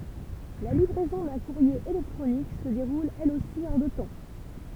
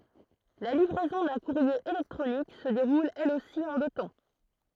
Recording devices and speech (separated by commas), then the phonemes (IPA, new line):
temple vibration pickup, throat microphone, read sentence
la livʁɛzɔ̃ dœ̃ kuʁje elɛktʁonik sə deʁul ɛl osi ɑ̃ dø tɑ̃